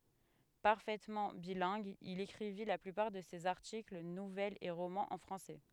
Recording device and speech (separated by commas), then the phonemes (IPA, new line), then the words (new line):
headset microphone, read sentence
paʁfɛtmɑ̃ bilɛ̃ɡ il ekʁivi la plypaʁ də sez aʁtikl nuvɛlz e ʁomɑ̃z ɑ̃ fʁɑ̃sɛ
Parfaitement bilingue, il écrivit la plupart de ses articles, nouvelles et romans en français.